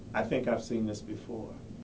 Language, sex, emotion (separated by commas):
English, male, neutral